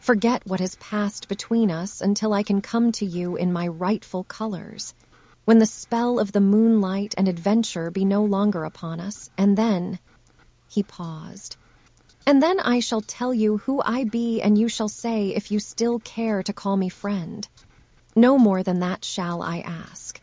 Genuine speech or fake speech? fake